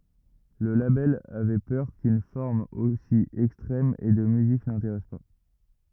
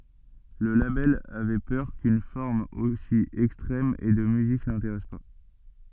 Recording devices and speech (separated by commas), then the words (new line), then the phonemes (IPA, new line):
rigid in-ear microphone, soft in-ear microphone, read sentence
Le label avait peur qu'une forme aussi extrême et de musique n'intéresse pas.
lə labɛl avɛ pœʁ kyn fɔʁm osi ɛkstʁɛm e də myzik nɛ̃teʁɛs pa